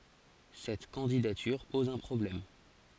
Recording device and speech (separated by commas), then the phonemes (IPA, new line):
forehead accelerometer, read sentence
sɛt kɑ̃didatyʁ pɔz œ̃ pʁɔblɛm